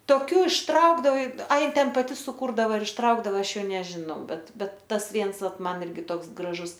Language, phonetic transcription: Lithuanian, toˈkių išˈtraukdavai a ˈji ˈten paˈti suˈkūrdava ir išˈtraukdava ˈaš ˈjau nežiˈnau ˈbet ˈbet ˈtas ˈviens ˈvat ˈman ˈirgi ˈtoks graˈžus

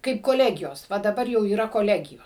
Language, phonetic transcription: Lithuanian, kaip koˈlegijos ˈva daˈbar jau yˈra koˈlegiju

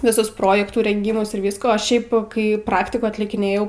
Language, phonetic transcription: Lithuanian, viˈsus ˈprojektų renˈgymus ir ˈvysko o ˈšiaip kai ˈpraktikų atlikiˈnėjau

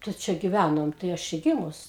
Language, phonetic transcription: Lithuanian, tai ˈčia giˈvænom tai ˈaš čia ˈgimus

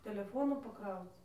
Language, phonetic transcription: Lithuanian, teleˈfonų paˈkrauc

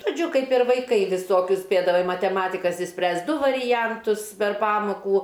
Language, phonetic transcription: Lithuanian, žoˈdžiu ˈkaip ir vaiˈkai viˈsokius ˈspėdavai mateˈmatikas išˈspręst ˈdu variˈjantus per ˈpamokų

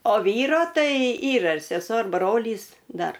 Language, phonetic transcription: Lithuanian, o ˈvyro ˈtai ˈyra ir seˈsuo ir ˈbrolys ˈdar

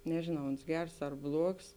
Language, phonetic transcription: Lithuanian, nežėˈnau ˈons ˈgers ar ˈbluogs

